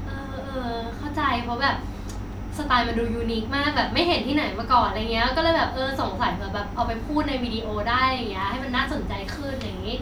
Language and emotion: Thai, happy